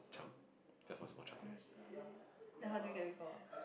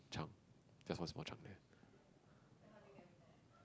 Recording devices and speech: boundary microphone, close-talking microphone, conversation in the same room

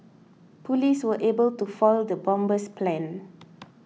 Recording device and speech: mobile phone (iPhone 6), read sentence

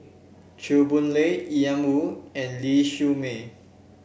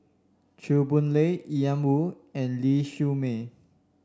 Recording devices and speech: boundary microphone (BM630), standing microphone (AKG C214), read sentence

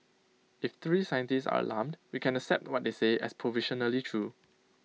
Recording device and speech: mobile phone (iPhone 6), read sentence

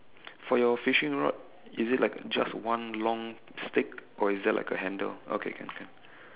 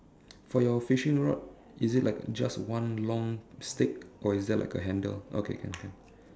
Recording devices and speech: telephone, standing microphone, conversation in separate rooms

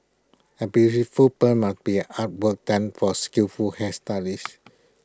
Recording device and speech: close-talking microphone (WH20), read sentence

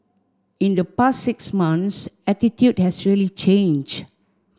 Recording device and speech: standing microphone (AKG C214), read sentence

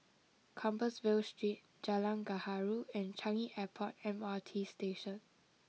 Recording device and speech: mobile phone (iPhone 6), read sentence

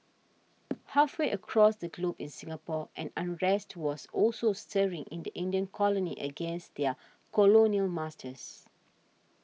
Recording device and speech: mobile phone (iPhone 6), read sentence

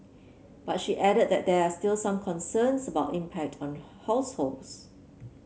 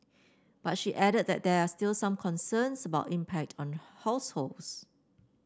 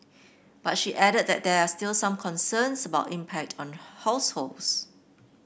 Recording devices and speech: mobile phone (Samsung C7), standing microphone (AKG C214), boundary microphone (BM630), read sentence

